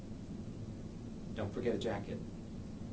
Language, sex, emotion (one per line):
English
male
neutral